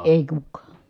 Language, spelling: Finnish, ei kukaan
- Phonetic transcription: èi kukkaa .

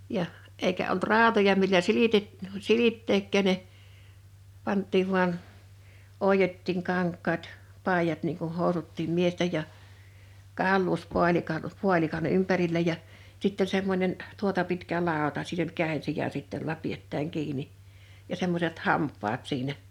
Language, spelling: Finnish, ja eikä ollut rautoja millä - silittääkään ne pantiin vain oiottiin kankaat paidat niin kuin housutkin miesten ja - kaulauspaalikan ympärillä ja sitten oli semmoinen tuota pitkä lauta siinä oli kädensija sitten jolla pidetään kiinni ja semmoiset hampaat siinä
- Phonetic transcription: 'jaʰ , 'èikä olt "rào̭toja millä "silitet- , "silitteekkä̳ ne , 'pant̆tiiv vuan , 'òijottiiŋ 'kaŋk̆kaat , 'pàijat niiŋ kun̬ 'hòusuttiim 'miestej ja , 'kàulluuspualika- , 'pualikan 'ympärillä ja , 'sitt ‿(oĺ) semmońen , 'tuota pitkä 'làota sin ‿oĺ 'kä̀insija sit jolla 'piettääŋ 'kiini , ja 'semmoset "hamp̆paat 'siinä .

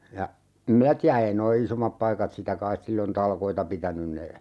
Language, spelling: Finnish, ja en minä tiedä ei nuo isommat paikat sitä kai silloin talkoita pitänyt ne
- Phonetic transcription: ja , em "minä tiä 'ei noi "isommap 'paikat 'sitä kais 'sillon "talkoita 'pitänyn ne ,.

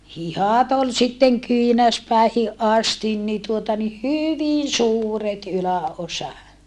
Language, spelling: Finnish, hihat oli sitten kyynärpäihin asti niin tuota niin hyvin suuret yläosa
- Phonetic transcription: hihàt ‿ol sitteŋ kyinäspä̀ihiʼ ʼastin ni tuota ni hyvin̬ suuret ylä₍osa .

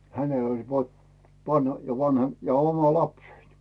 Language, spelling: Finnish, hänellä oli - - ja vanha ja oma lapseni
- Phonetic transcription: 'hänel ‿oĺ pot- , pan- ja 'vanha , ja 'oma "lapsein .

